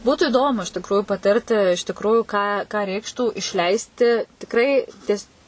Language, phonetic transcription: Lithuanian, ˈbūtų iˈdomu iš tikrųju paˈtirti iš tikˈrųju ką ką ˈreikštų išˈleisti tikˈrai ties

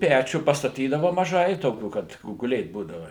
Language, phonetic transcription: Lithuanian, ˈpæčių pastaˈtydava maˈžai ˈtokių ˈkad o guˈlėt ˈbūdava

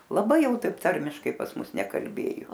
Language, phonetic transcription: Lithuanian, laˈbai ˈjau ˈtaip ˈtarmiškai pas ˈmus nekalˈbėju

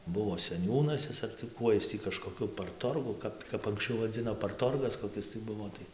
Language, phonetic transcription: Lithuanian, ˈbuvo seˈniūnas ˈis ar tai ˈkuoj ˈis tį kažkoˈkiu parˈtorgu ˈkap kap anksˈčiau vaˈdzino parˈtorgas koˈkis tai ˈbuvo ˈtai

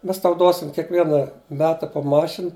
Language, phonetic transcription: Lithuanian, ˈmes ˈtau ˈduosim kiekˈviena ˈmeta po ˈmašin

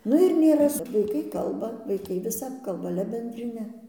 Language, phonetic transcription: Lithuanian, ˈnu ir nėˈra su vaiˈkai ˈkalba vaiˈkai viˈsap ˈkalba ˈale bendriˈne

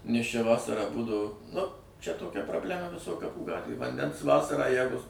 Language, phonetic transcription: Lithuanian, nes ˈčia ˈvasarą ˈbūdavo nu ˈčia toˈkia probˈlema viˈsoj kaˈpų ˈgatvėj vanˈdens ˈvasarą ˈjegu

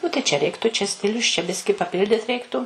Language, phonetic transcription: Lithuanian, ˈnu tai čia ˈreiktu čia ˈstilius čia ˈbiski paˈpildit ˈreiktu

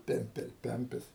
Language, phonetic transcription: Lithuanian, ˈpempel ˈpempis

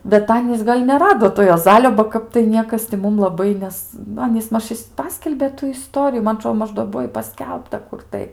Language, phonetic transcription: Lithuanian, bet ˈanys gal' neˈrado to juoˈzalio ba ˈkap tai ˈniekas ti ˈmum laˈbai ˈnes nu ˈanys ˈmaž ˈpaskelbė ˈtų iˈstorijų ˈman aˈtro ˈmaž do ˈbuo i paˈskelbta ˈkur tai

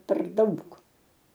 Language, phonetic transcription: Lithuanian, per ˈdaug

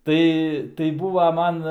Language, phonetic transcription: Lithuanian, ˈtai tai ˈbūva ˈman

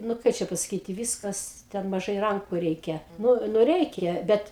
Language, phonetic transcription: Lithuanian, nu ˈkai čia pasaˈkyti ˈvyskas ˈten maˈžai ˈranku ˈreikia nu nu ˈreikia ˈbet

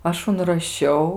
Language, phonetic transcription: Lithuanian, ˈaš unraˈšiau

